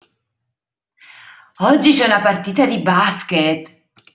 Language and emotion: Italian, surprised